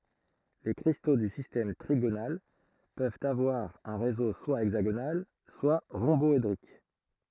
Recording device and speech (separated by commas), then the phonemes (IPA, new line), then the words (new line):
throat microphone, read sentence
le kʁisto dy sistɛm tʁiɡonal pøvt avwaʁ œ̃ ʁezo swa ɛɡzaɡonal swa ʁɔ̃bɔedʁik
Les cristaux du système trigonal peuvent avoir un réseau soit hexagonal soit rhomboédrique.